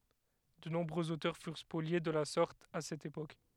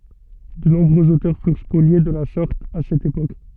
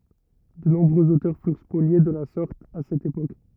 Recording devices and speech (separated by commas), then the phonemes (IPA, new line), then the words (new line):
headset microphone, soft in-ear microphone, rigid in-ear microphone, read sentence
də nɔ̃bʁøz otœʁ fyʁ spolje də la sɔʁt a sɛt epok
De nombreux auteurs furent spoliés de la sorte à cette époque.